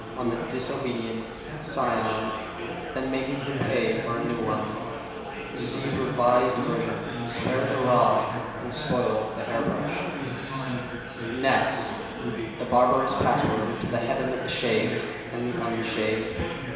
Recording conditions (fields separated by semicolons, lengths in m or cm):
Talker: one person; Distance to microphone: 1.7 m; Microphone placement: close; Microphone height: 1.0 m; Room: very reverberant, large; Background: babble